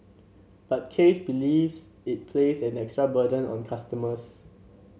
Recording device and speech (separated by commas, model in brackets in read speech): mobile phone (Samsung C7), read sentence